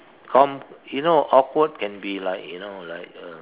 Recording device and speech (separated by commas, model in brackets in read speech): telephone, conversation in separate rooms